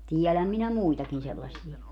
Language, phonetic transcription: Finnish, 'tiɛläm minä "muitakin sellas̀ie .
- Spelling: tiedän minä muitakin sellaisia

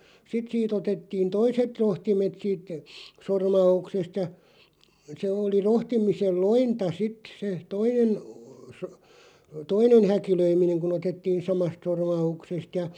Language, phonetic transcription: Finnish, 'sit sii't ‿otettiin "toiset 'rohtimet siit , 'sorma₍uksest ja , 'se oli 'rohtimisel "lointa 'sit se , 'toinen , so- , "toinen̳§ 'häkilöimineŋ ku'n ‿otettiin "samast 'sormauksest ja .
- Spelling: sitten siitä otettiin toiset rohtimet siitä sormauksesta ja se oli rohtimisen lointa sitten se toinen - toinen häkilöiminen kun otettiin samasta sormauksesta ja

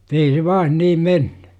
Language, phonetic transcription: Finnish, MUt ‿ei se 'vaan "niim 'menNY .
- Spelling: mutta ei se vain niin mennyt

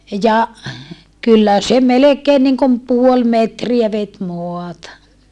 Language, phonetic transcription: Finnish, ja , kyllä se melekeen niŋkom puol metriä vet moata .
- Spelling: ja kyllä se melkein niin kuin puoli metriä veti maata

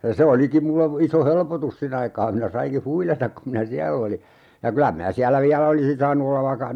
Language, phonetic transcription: Finnish, ja 'se olikim mulle , iso "helpotus 'sin ‿aikaa minä 'saiŋki "huilatak kum minä "siäll ‿oli , ja 'kylä minä 'siällä "viälä olisin 'saanu ollav vaikka ,.
- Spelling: ja se olikin minulle iso helpotus sen aikaa minä sainkin huilata kun minä siellä olin ja kyllä minä siellä vielä olisin saanut olla vaikka

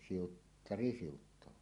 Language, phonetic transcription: Finnish, siuttari 'siuttoẁaa .
- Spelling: siuttari siuttaa

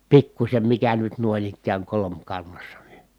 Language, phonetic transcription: Finnish, pikkuśem mikä nyt nuoⁱn ‿ikkääŋ kolomkannassa ni .
- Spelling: pikkuisen mikä nyt noin ikään kolmikannassa niin

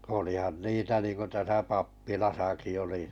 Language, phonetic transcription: Finnish, olihan 'niitä niiŋko täsä 'pappilasaki oli .
- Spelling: olihan niitä niin kuin tässä pappilassakin oli

